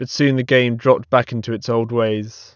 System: none